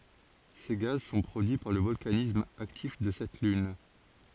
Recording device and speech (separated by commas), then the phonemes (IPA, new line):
forehead accelerometer, read sentence
se ɡaz sɔ̃ pʁodyi paʁ lə vɔlkanism aktif də sɛt lyn